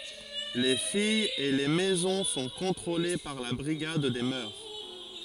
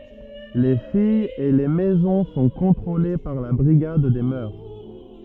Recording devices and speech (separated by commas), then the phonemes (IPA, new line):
forehead accelerometer, rigid in-ear microphone, read sentence
le fijz e le mɛzɔ̃ sɔ̃ kɔ̃tʁole paʁ la bʁiɡad de mœʁ